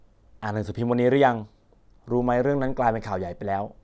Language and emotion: Thai, neutral